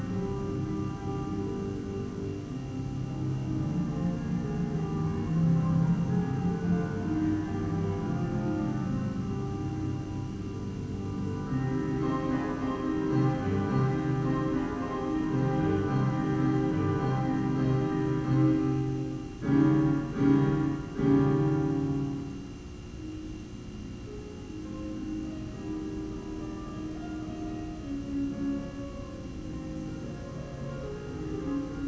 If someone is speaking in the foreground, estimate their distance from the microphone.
No main talker.